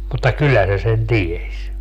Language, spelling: Finnish, mutta kyllä se sen tiesi
- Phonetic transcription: mutta 'kyllä se sen "ties .

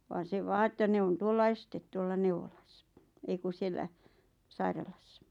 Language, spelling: Finnish, vaan se vain että ne on tuolla ensin tuolla neuvolassa ei kun siellä sairaalassa
- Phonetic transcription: 'vaan se 'vaa että 'ne on 'tuolla "estet 'tuolla "neuvolᴀssᴀ , 'ei ku 'siellä , "sairalassᴀ .

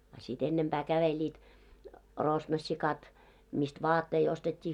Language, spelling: Finnish, a sitten ennempää kävelivät rosnossikat mistä vaatteita ostettiin
- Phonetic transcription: a sit 'ennemʙää 'käveĺiit , 'rosnossikat , mist "vaattei 'ostet́t́ii .

